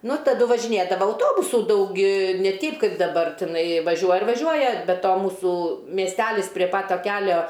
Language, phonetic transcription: Lithuanian, nu taˈdu važiˈnėdava auˈtobusų ˈdaug i ne ˈteip ˈkaip daˈbar tiˈnai vaˈžiuoja ir vaˈžiuoja be ˈto ˈmūsų miesˈtælis prie pat ˈta ˈkelio

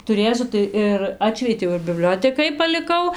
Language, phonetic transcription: Lithuanian, tuˈrėsiu tai ir ˈatšvietiau ir biˈbliotekai paliˈkau

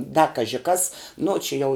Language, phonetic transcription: Lithuanian, da ˈkaži kas ˈnu či ˈjau

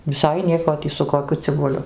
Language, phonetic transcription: Lithuanian, viˈsai ˈnieko ˈtį su koˈkiu cibuˈliu

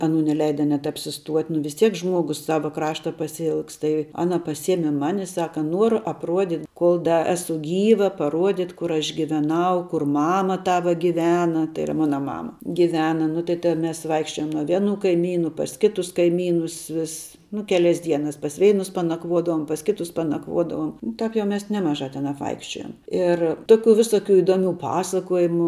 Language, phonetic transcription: Lithuanian, aˈnų neˈleida net apsiˈstuot' nu vis ˈtiek ˈžmuogus ˈsava ˈkrašta pasiˈilgst tai ˈana paˈsieme ˈmani ˈsaka ˈnuoru apˈruodyt ˈkol da ˈesu ˈgyva paˈruodyt ˈkur aš giveˈnau kur ˈmama ˈtava giˈvena tai iˈra ˈmona ˈmama giˈvena ˈnu tai ta ˈmes ˈvaikščiojom nuo ˈvieˌnų kaiˈmynų pas ˈkitus kaiˈmynus ˈvis nu ˈkelias ˈdienas pas ˈveinus panakˈvuodavom pas ˈkitus panakˈvuodavom nu ˈtap jau mes neˈmaˌžā ten apˈvaikščiojom ir ˈtoˌkių viˈsoˌkių iˈdoˌmių ˈpasakojimų

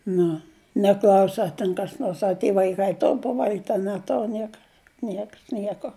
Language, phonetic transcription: Lithuanian, ˈnu neˈklausi a ˈten kas ˈnors a tie vaiˈkai ˈtor paˈvalgit' a neˈtor ˈnieka ˈnieks ˈnieko

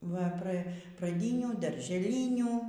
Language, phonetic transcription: Lithuanian, va ˈpra praˈdynių daržeˈlynių

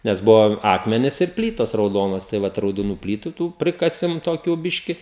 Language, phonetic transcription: Lithuanian, ˈnes ˈbuvo ˈakmenis ir ˈplytos rauˈdonos tai ˈvat raudoˈnų ˈplytu ˈtų ˈprikasim toˈkių ˈbiški

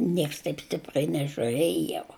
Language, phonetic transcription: Lithuanian, ˈnieks taip ˈstiprai nežiuˈrėj jau

